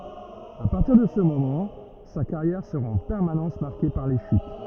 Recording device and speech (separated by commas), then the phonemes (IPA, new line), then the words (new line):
rigid in-ear microphone, read sentence
a paʁtiʁ də sə momɑ̃ sa kaʁjɛʁ səʁa ɑ̃ pɛʁmanɑ̃s maʁke paʁ le ʃyt
À partir de ce moment, sa carrière sera en permanence marquée par les chutes.